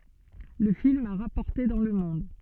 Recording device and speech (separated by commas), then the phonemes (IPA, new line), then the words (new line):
soft in-ear microphone, read sentence
lə film a ʁapɔʁte dɑ̃ lə mɔ̃d
Le film a rapporté dans le monde.